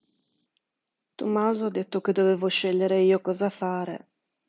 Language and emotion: Italian, sad